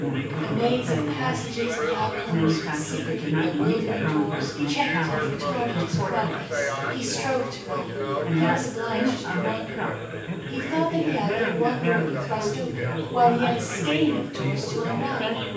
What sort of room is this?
A large space.